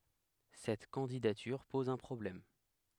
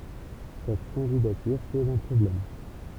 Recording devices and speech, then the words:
headset microphone, temple vibration pickup, read sentence
Cette candidature pose un problème.

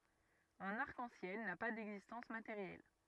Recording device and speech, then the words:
rigid in-ear microphone, read sentence
Un arc-en-ciel n'a pas d'existence matérielle.

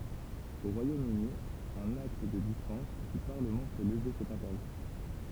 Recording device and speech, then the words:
temple vibration pickup, read sentence
Au Royaume-Uni, un acte de dispense du Parlement peut lever cet interdit.

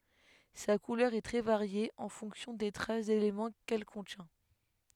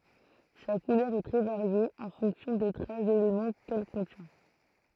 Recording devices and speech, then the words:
headset microphone, throat microphone, read sentence
Sa couleur est très variée, en fonction des traces d'éléments qu'elle contient.

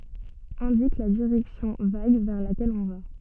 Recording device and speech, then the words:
soft in-ear microphone, read sentence
Indique la direction vague vers laquelle on va.

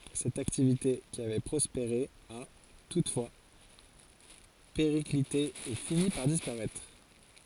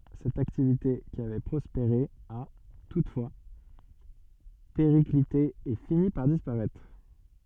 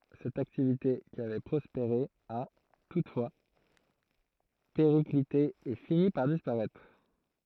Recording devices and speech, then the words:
forehead accelerometer, soft in-ear microphone, throat microphone, read sentence
Cette activité qui avait prospéré a, toutefois, périclité et fini par disparaître.

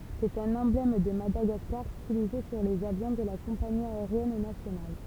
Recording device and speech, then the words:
temple vibration pickup, read sentence
C'est un emblème de Madagascar, stylisé sur les avions de la compagnie aérienne nationale.

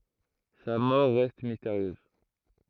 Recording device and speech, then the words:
throat microphone, read sentence
Sa mort reste mystérieuse.

